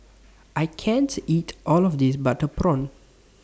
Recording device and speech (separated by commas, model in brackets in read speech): standing microphone (AKG C214), read sentence